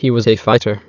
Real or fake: fake